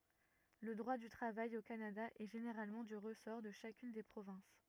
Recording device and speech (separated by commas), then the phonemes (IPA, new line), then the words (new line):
rigid in-ear microphone, read sentence
lə dʁwa dy tʁavaj o kanada ɛ ʒeneʁalmɑ̃ dy ʁəsɔʁ də ʃakyn de pʁovɛ̃s
Le droit du travail au Canada est généralement du ressort de chacune des provinces.